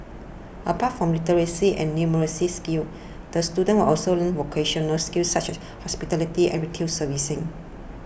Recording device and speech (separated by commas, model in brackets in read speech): boundary microphone (BM630), read sentence